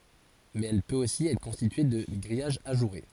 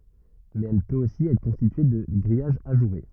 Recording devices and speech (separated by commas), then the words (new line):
forehead accelerometer, rigid in-ear microphone, read sentence
Mais elle peut aussi être constituée de grillage ajouré.